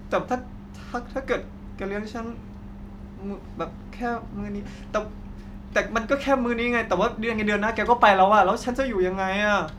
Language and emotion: Thai, frustrated